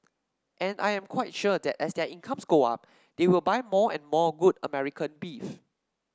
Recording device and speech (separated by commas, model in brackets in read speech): standing microphone (AKG C214), read sentence